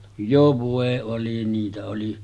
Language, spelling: Finnish, jo voi oli niitä oli
- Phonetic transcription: jo vòe 'oli 'niitä oli .

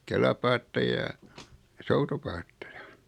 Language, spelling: Finnish, kelapaatteja ja ja soutupaatteja
- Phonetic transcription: 'kelapaatteja ja , ja 'soutupaatteja .

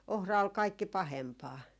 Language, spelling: Finnish, ohra oli kaikkein pahempaa
- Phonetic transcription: 'ohra ol 'kaikki "pahempaa .

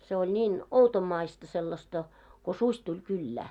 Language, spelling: Finnish, se oli niin outomaista sellaista kun susi tuli kylään
- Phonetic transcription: se oĺ ńiin , 'outommaista sellasta , ko "suś tuĺ 'kyllää .

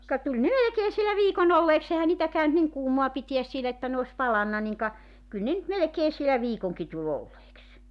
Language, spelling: Finnish, ka tuli ne melkein siellä viikon olleeksi eihän niitä käynyt niin kuumaa pitää siellä että ne olisi palanut niin ka kyllä ne nyt melkein siellä viikonkin tuli olleeksi
- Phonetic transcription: ka 'tuĺ ne 'melᵉkee sielä "viiko'n ‿olleeks ‿ehä niitä 'käynt 'niŋ kuumoa 'pitiäs sielä että ne os "palanna niŋ ka , 'kyl ne nʸt 'melᵉkee sielä "viikoŋki tu'l ‿olleeks .

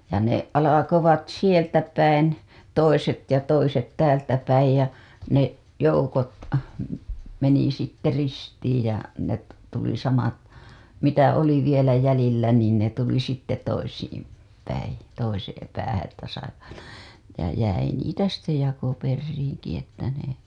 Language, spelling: Finnish, ja ne alkoivat sieltä päin toiset ja toiset täältä päin ja ne joukot meni sitten ristiin ja ne tuli samat mitä oli vielä jäljellä niin ne tuli sitten toisiin päin toiseen päähän että saivat ja jäi niitä sitten jakoperiinkin että ne
- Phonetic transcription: ja ne , alakovat 'sieltä päin , toiset ja toiset 'täältä päij ja , ne , joukot , meni sitte 'ristiij ja , net , tuli samat , 'mitä oli vielä jälillä niin ne tuli sitte 'toisiim , päin̬ , toiseem päähä ‿ttä saivat , ja jäi niitä sitte 'jakoperriiŋki ‿että ne .

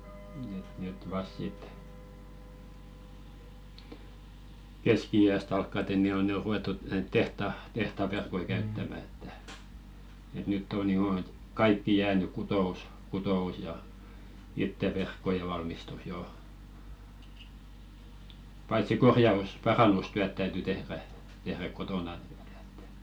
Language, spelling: Finnish, että nyt vasta sitten keski-iästä alkaen niin on ne on ruvettu näitä tehtaan tehtaan verkkoja käyttämään että että nyt on jo että kaikki jäänyt kutous kutous ja itse verkkojen valmistus jo paitsi - parannustyöt täytyi tehdä tehdä kotona niin että
- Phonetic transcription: et nyt 'vasᵗ 'sit , "keski₍i₍äs't ‿alkkate ni o ne o 'ru₍ettut- näit "tehta , 'tehta verkoi käyttämä että , et 'nytt ‿on 'joo et , "kaikki 'jääny kuto₍us , "kuto₍us ja , 'itte verkkoje valmistus jo , paitsi 'korja₍us- "parannustyät täyty 'tehrä , tehräᵏ kotona ɴɪ ᴇttᴀ̈ .

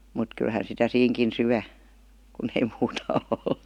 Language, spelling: Finnish, mutta kyllähän sitä siinäkin syö kun ei muuta ole
- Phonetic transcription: mut 'kylhän sitä 'siiŋkin "syä , kun ei 'muuta 'ol .

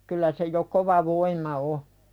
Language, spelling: Finnish, kyllä se jo kova voima on
- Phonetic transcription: 'kyllä se jo kova "voim̀a 'o .

